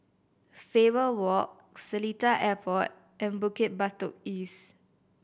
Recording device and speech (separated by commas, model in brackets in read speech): boundary microphone (BM630), read sentence